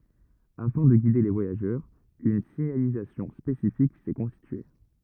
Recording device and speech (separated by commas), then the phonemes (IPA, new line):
rigid in-ear microphone, read sentence
afɛ̃ də ɡide le vwajaʒœʁz yn siɲalizasjɔ̃ spesifik sɛ kɔ̃stitye